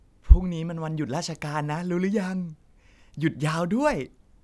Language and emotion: Thai, happy